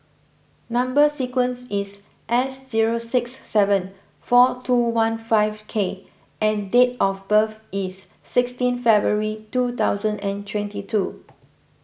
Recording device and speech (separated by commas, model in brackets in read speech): boundary microphone (BM630), read sentence